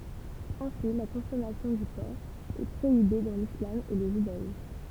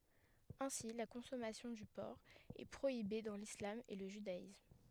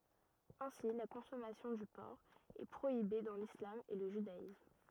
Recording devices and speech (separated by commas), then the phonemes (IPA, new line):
temple vibration pickup, headset microphone, rigid in-ear microphone, read sentence
ɛ̃si la kɔ̃sɔmasjɔ̃ dy pɔʁk ɛ pʁoibe dɑ̃ lislam e lə ʒydaism